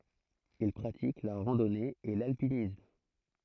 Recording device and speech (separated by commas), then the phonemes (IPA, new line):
throat microphone, read sentence
il pʁatik la ʁɑ̃dɔne e lalpinism